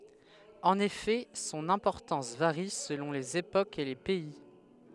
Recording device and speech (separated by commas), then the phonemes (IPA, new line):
headset microphone, read sentence
ɑ̃n efɛ sɔ̃n ɛ̃pɔʁtɑ̃s vaʁi səlɔ̃ lez epokz e le pɛi